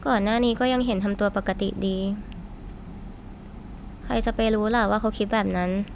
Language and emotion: Thai, frustrated